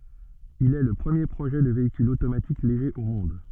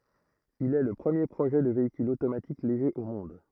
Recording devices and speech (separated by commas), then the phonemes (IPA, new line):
soft in-ear microphone, throat microphone, read sentence
il ɛ lə pʁəmje pʁoʒɛ də veikyl otomatik leʒe o mɔ̃d